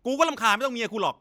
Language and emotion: Thai, angry